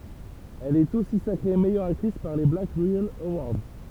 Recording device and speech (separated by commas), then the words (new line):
temple vibration pickup, read sentence
Elle est aussi sacrée meilleure actrice par les Black Reel Awards.